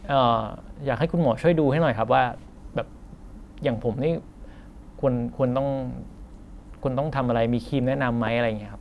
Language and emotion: Thai, frustrated